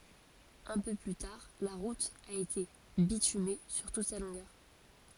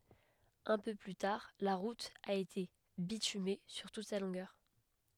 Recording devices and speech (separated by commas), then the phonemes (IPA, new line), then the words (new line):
forehead accelerometer, headset microphone, read sentence
œ̃ pø ply taʁ la ʁut a ete bityme syʁ tut sa lɔ̃ɡœʁ
Un peu plus tard, la route a été bitumée sur toute sa longueur.